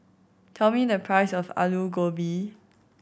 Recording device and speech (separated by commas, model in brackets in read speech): boundary microphone (BM630), read sentence